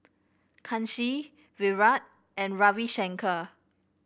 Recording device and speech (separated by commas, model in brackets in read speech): boundary microphone (BM630), read sentence